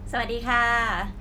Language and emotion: Thai, happy